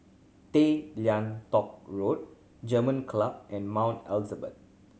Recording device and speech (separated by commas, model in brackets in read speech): mobile phone (Samsung C7100), read sentence